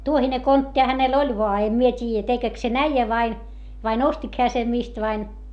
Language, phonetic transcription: Finnish, tuohine konttiʰᵃ hänel oĺ voa - em mie t́iijä tekek sen ‿äijä vain , vain ‿ostik heä sem mist vain .
- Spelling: tuohinen kontti hänellä oli vaan en minä tiedä tekeekö sen äijä vai vai ostiko hän sen mistä vai

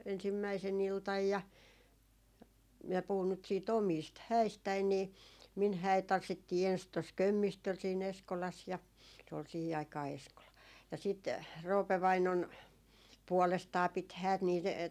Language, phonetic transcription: Finnish, 'ensimmäise'n ‿iltaj ja , 'minä 'puhun nyt sii"t ‿omiist 'häistäi nii , min 'hä̀it 'tanssittii ens tos "Kömmistöl sii'n ‿Eskolas ja , se ol 'sihi aikaa 'Eskola , ja sit , 'Roope 'vainon. , 'puɔlestaa pit 'häät niit ,.
- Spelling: ensimmäisenä iltana ja minä puhun nyt sitten omista häistäni niin minun häitä tanssittiin ensin tuossa Kömmistöllä siinä Eskolassa ja se oli siihen aikaan Eskola ja sitten Roope vainaani puolestaan piti häät niitä

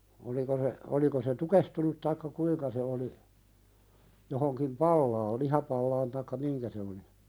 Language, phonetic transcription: Finnish, oliko se , oliko se "tukehtunut taikka 'kuiŋka se oli , johoŋkim 'pallaal "lihapallaan taikka "miŋkä se oli .
- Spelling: oliko se oliko se tukehtunut tai kuinka se oli johonkin palaan lihapalaan tai mihinkä se oli

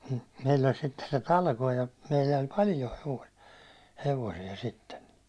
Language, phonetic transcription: Finnish, meill ‿oĺ sitte se "talkoo ja , meillä oĺ "paljo hevo- , hevosiɛ sitten .
- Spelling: meillä oli sitten se talkoot ja meillä oli paljon - hevosia sitten

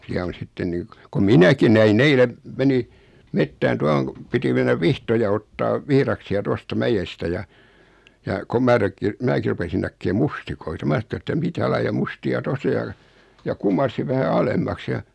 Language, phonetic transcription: Finnish, 'siä on̬ 'sitten 'nii k- , kom "minäki näi'n ‿eile , 'meni , 'mettään 'tuahoŋ ku , 'piti mennäv 'vihtoja ottaav , 'vihraksi₍a 'tosta 'mäjestä ja , ja kom mää (rekkin) , 'määki rupesin näkkee "mustikoita 'mää (sⁿo et) ‿että » 'mitä laija 'musti₍a 'tos ‿o « ja , ja 'kum̆marsiv vähä 'alemmaks ja ,.
- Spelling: siellä on sitten niin - kun minäkin näin eilen menin metsään tuohon kun piti mennä vihtoja ottamaan vihdaksia tuosta mäestä ja ja kun minä - minäkin rupesin näkemään mustikoita minä sanoin että että mitä lajia mustia tuossa on ja ja kumarsin vähän alemmaksi ja

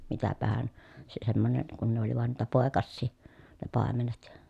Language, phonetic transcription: Finnish, mitäpähän , se semmonen , kun ne ‿oli van niitä pòekassii , ne pàemenet .
- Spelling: mitäpähän se semmoinen kun ne oli vain niitä poikasia ne paimenet

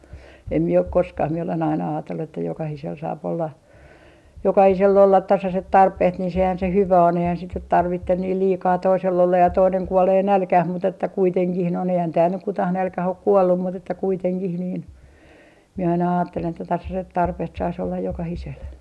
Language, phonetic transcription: Finnish, em mie ok "koskah mie olen aina aatellu että 'jokahisel 'saap olla , "jokahisell ‿ollat 'tasaset 'tarpeht nin sehän se "hyvä 'on eihän sit nyt "tarvitten niil 'liikaa 'toisel ollaj ja 'toineŋ 'kuolee "nälkäh mut ‿että 'kuiteŋkih noin , eihän tääl nyk 'kutah 'nälkäh ok "kuollum mut ‿että 'kuiteŋkih niin , mie aina aattelen että 'tasaset 'tarpeht sais ‿ollaj "jokahisel .
- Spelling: en minä ole koskaan minä olen aina ajatellut että jokaisella saa olla jokaisella olla tasaiset tarpeet niin sehän se hyvä on eihän sitä nyt tarvitse niin liikaa toisella olla ja toinen kuolee nälkään mutta että kuitenkin noin eihän täällä nyt kukaan nälkään ole kuollut mutta että kuitenkin niin minä aina ajattelen että tasaiset tarpeet saisi olla jokaisella

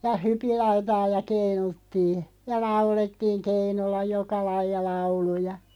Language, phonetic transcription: Finnish, ja "hypillautaa ja 'keinuttii , ja "laulettiiᵑ 'keinulla "joka 'laij̆ja 'lauluja .
- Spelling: ja hypinlautaa ja keinuttiin ja laulettiin keinulla joka lajia lauluja

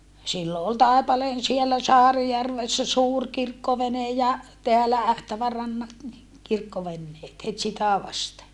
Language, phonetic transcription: Finnish, sillo ol Tàepaleen siellä Saarijärvessä suur kirkkovene ja , teälä Ähtävärannat ni , kirkkovenneet het sitä vaste .
- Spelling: silloin oli Taipaleen siellä Saarijärvessä suuri kirkkovene ja täällä Ähtävärannat niin kirkkoveneet heti sitä vasten

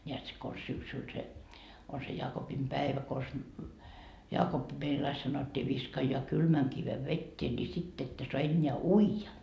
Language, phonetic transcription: Finnish, ńeät se kons 'syksyl se , on se 'jaakopimpäevä kons , 'Jaakoppi meil ‿ai sanottii 'viskajjᵒa "kylmäŋ 'kive "vettee ńi sitt ‿ettö soa 'eńńeä "uija .
- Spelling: näet se konsa syksyllä se on se jaakopinpievä konsa Jaakoppi meillä aina sanottiin viskaa kylmän kiven veteen niin sitten ette saa enää uida

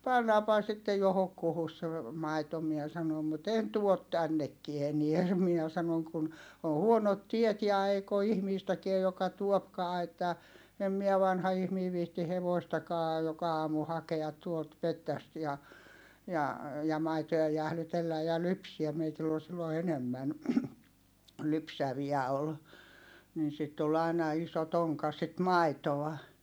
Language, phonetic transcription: Finnish, » pannaampaha sittej johokkuhus se , maito » miɛ sanom » mut ‿en tuot tännekkie enie (se) » miä sanon » kun , o huonot tiet ja eik ‿o ihmiistäkiä joka tuopkaa että , em miä vanha ihmii viihti hevoistakaa joka aamu hakeat tuolt mettäst ja , ja , ja maitoja jählytelläj̆ ja lypsiäm » meitill ‿ol sillo enemmän , lypsäviä ol , niin sit tul ai̮na iso toŋka sit maitoa .
- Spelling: pannaanpahan sitten johonkuhun se maito minä sanoin mutta en tuo tännekään enää se minä sanoin kun on huonot tiet ja eikä ole ihmistäkään joka tuokaan että en minä vanha ihminen viitsi hevostakaan joka aamu hakea tuolta metsästä ja ja ja maitoja jäähdytellä ja lypsää meillä oli silloin enemmän lypsäviä oli niin sitä tuli aina iso tonkka sitä maitoa

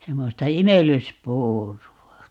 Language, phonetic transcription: Finnish, 'semmosta "imel̆lys'puuru₍a .
- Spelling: semmoista imellyspuuroa

